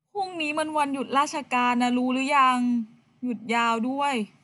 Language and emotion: Thai, frustrated